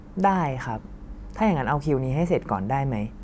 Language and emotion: Thai, neutral